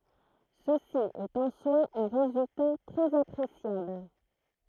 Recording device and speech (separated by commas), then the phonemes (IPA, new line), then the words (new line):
throat microphone, read sentence
səsi ɛt ɑ̃ swa œ̃ ʁezylta tʁɛz apʁesjabl
Ceci est en soi un résultat très appréciable.